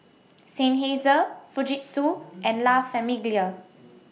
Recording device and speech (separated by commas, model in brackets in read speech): mobile phone (iPhone 6), read sentence